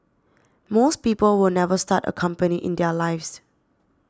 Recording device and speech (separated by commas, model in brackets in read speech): standing microphone (AKG C214), read sentence